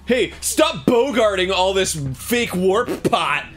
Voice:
putting on a dudebro voice